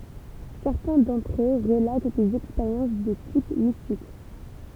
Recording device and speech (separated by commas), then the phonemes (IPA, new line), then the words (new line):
temple vibration pickup, read sentence
sɛʁtɛ̃ dɑ̃tʁ ø ʁəlat dez ɛkspeʁjɑ̃s də tip mistik
Certains d'entre eux relatent des expériences de type mystique.